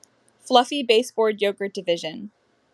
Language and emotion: English, neutral